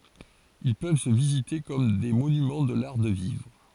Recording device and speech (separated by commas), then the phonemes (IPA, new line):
forehead accelerometer, read sentence
il pøv sə vizite kɔm de monymɑ̃ də laʁ də vivʁ